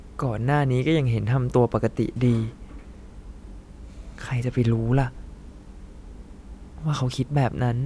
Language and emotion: Thai, sad